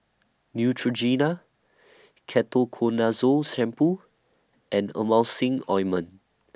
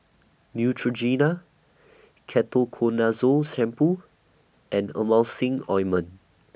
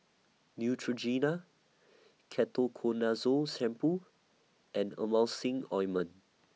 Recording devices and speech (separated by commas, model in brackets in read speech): standing microphone (AKG C214), boundary microphone (BM630), mobile phone (iPhone 6), read sentence